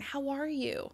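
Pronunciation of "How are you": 'How are you' is said in a tone of worry and concern. The stress is on 'are', and it sounds a little rushed.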